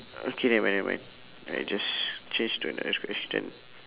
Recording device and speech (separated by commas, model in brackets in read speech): telephone, conversation in separate rooms